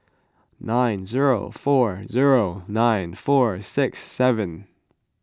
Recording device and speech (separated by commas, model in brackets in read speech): close-talking microphone (WH20), read sentence